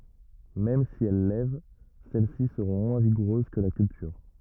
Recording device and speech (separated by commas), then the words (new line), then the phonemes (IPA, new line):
rigid in-ear microphone, read sentence
Même si elles lèvent, celle-ci seront moins vigoureuses que la culture.
mɛm si ɛl lɛv sɛl si səʁɔ̃ mwɛ̃ viɡuʁøz kə la kyltyʁ